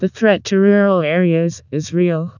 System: TTS, vocoder